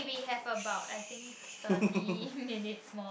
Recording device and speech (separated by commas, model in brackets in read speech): boundary microphone, conversation in the same room